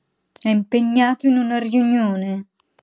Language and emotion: Italian, angry